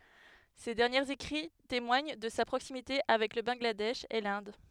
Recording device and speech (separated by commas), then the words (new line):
headset microphone, read sentence
Ses derniers écrits témoignent de sa proximité avec le Bangladesh et l'Inde.